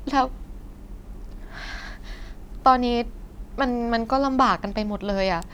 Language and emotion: Thai, frustrated